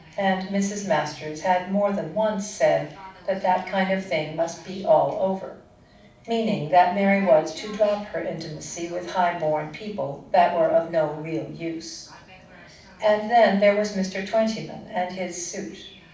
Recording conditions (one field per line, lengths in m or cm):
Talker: one person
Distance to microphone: 5.8 m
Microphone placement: far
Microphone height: 1.8 m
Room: medium-sized (5.7 m by 4.0 m)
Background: television